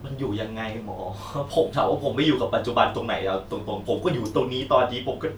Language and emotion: Thai, frustrated